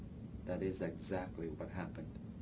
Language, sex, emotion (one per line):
English
male
neutral